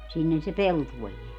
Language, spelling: Finnish, sinnehän se peltoon jää
- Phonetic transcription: 'sinnehä se "peltuoj 'jeä .

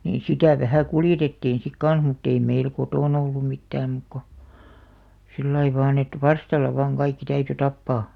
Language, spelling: Finnish, niin sitä vähän kuljetettiin sitten kanssa mutta ei meillä kotona ollut mitään muuta kuin sillä lailla vain että varstalla vain kaikki täytyi tappaa
- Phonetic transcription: nii "sitä̀ 'vähä̀ 'kuljetettiin̬ sik "kan̬s mutt ‿ei "meil 'kotòn ‿ollum 'mittääm muk ko , 'sillai vaan ‿et "varstalla vaaŋ 'kaikki 'täyty 'tappaa .

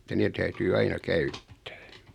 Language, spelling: Finnish, että ne täytyy aina käyttää
- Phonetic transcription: ᵉttä 'nee täytyy 'aina "käyttᴀ̈ᴀ̈ « .

